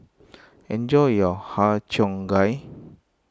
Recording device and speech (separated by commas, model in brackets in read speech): close-talking microphone (WH20), read sentence